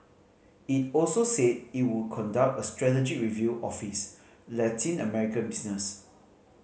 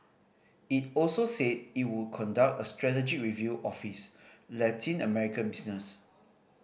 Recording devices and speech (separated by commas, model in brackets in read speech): mobile phone (Samsung C5010), boundary microphone (BM630), read sentence